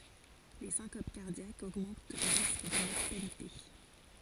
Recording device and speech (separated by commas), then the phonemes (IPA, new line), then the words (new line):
forehead accelerometer, read sentence
le sɛ̃kop kaʁdjakz oɡmɑ̃t lə ʁisk də mɔʁtalite
Les syncopes cardiaques augmentent le risque de mortalité.